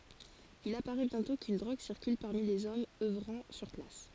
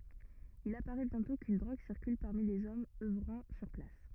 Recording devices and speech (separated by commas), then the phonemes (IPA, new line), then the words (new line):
forehead accelerometer, rigid in-ear microphone, read sentence
il apaʁɛ bjɛ̃tɔ̃ kyn dʁoɡ siʁkyl paʁmi lez ɔmz œvʁɑ̃ syʁ plas
Il apparaît bientôt qu'une drogue circule parmi les hommes œuvrant sur place.